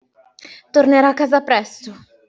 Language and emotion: Italian, fearful